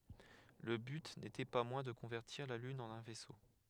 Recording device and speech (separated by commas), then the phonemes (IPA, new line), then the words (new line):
headset microphone, read sentence
lə byt netɛ pa mwɛ̃ də kɔ̃vɛʁtiʁ la lyn ɑ̃n œ̃ vɛso
Le but n'était pas moins de convertir la lune en un vaisseau.